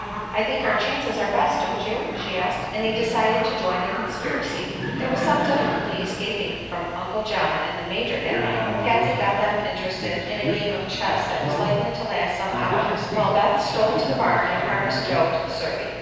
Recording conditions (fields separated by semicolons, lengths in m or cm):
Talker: one person; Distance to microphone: 7.1 m; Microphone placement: far; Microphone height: 1.7 m; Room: very reverberant, large; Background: television